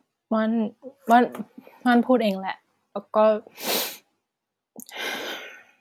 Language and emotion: Thai, sad